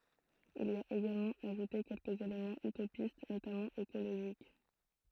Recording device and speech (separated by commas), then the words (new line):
throat microphone, read sentence
Il y a également ajouté quelques éléments utopistes, notamment écologiques.